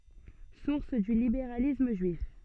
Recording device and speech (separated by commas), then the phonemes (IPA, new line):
soft in-ear microphone, read sentence
suʁs dy libeʁalism ʒyif